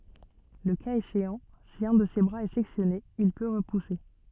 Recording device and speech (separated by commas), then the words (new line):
soft in-ear microphone, read sentence
Le cas échéant, si un de ses bras est sectionné, il peut repousser.